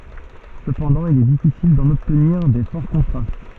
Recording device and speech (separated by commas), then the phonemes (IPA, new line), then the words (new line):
soft in-ear microphone, read sentence
səpɑ̃dɑ̃ il ɛ difisil dɑ̃n ɔbtniʁ de fɔʁ kɔ̃tʁast
Cependant, il est difficile d'en obtenir des forts contrastes.